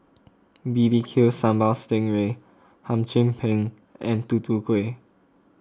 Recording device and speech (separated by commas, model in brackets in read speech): close-talking microphone (WH20), read sentence